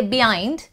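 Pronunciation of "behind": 'behind' is pronounced incorrectly here: the h sound in the middle of the word is dropped, so the puff of air is missing.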